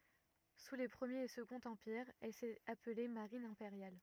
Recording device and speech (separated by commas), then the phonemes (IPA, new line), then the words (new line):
rigid in-ear microphone, read sentence
su le pʁəmjeʁ e səɡɔ̃t ɑ̃piʁz ɛl sɛt aple maʁin ɛ̃peʁjal
Sous les Premier et Second Empires, elle s'est appelée Marine impériale.